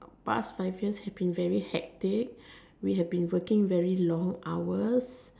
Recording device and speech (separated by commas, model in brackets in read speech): standing microphone, conversation in separate rooms